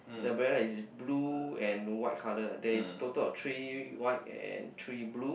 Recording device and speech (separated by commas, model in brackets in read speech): boundary microphone, conversation in the same room